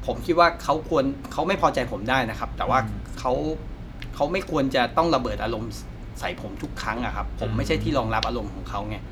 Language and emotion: Thai, frustrated